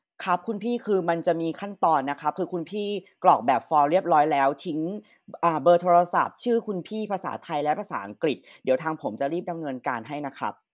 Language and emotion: Thai, neutral